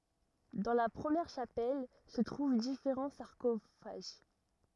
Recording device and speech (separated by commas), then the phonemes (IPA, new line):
rigid in-ear microphone, read sentence
dɑ̃ la pʁəmjɛʁ ʃapɛl sə tʁuv difeʁɑ̃ saʁkofaʒ